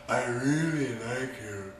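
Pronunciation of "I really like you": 'I really like you' is pronounced incorrectly here.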